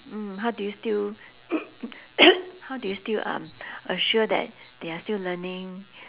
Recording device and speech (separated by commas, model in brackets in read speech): telephone, conversation in separate rooms